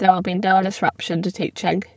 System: VC, spectral filtering